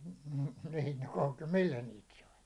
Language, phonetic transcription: Finnish, (m̥ niin ‿ol) 'millä niit sai ?
- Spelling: mm niin oli millä niitä sai

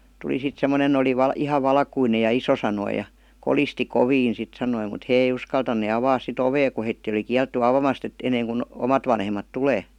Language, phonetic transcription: Finnish, tuli sit 'semmonen ‿oli 'val- "iha 'valkuinej ja 'iso sanoi ja , 'kolisti "koviin sit sanoi mut "hee ei "uskaltan̆ne 'avaas sit "ovee ku heittii oli "kiältty 'avamast ‿et , enneeŋku , 'omat vanhem̆mat 'tulee .
- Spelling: tuli sitten semmoinen oli - ihan valkoinen ja iso sanoi ja kolisti kovin sitten sanoi mutta he ei uskaltaneet avata sitten ovea kun heitä oli kielletty avaamasta että ennen kuin omat vanhemmat tulee

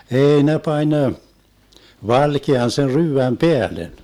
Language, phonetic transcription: Finnish, "ei 'ne "pań , 'valkean sen 'ryyväm "peälen .
- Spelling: ei ne pani valkean sen ryydän päälle

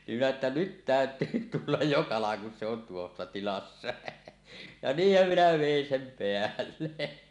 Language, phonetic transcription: Finnish, nim minä että "nyt "täöt̀yy 'tullaj jo "kalaŋ kun se on tuossa tilassa , ja "niihhäm 'minä 'vèin sem peälle .
- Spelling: niin minä että nyt täytyy tulla jo kalan kun se on tuossa tilassa ja niinhän minä vedin sen päälle

